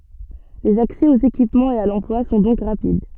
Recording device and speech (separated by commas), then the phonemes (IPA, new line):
soft in-ear microphone, read sentence
lez aksɛ oz ekipmɑ̃z e a lɑ̃plwa sɔ̃ dɔ̃k ʁapid